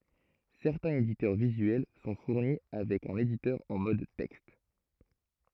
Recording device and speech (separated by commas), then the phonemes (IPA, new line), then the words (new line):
throat microphone, read sentence
sɛʁtɛ̃z editœʁ vizyɛl sɔ̃ fuʁni avɛk œ̃n editœʁ ɑ̃ mɔd tɛkst
Certains éditeurs visuels sont fournis avec un éditeur en mode texte.